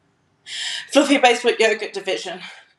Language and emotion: English, fearful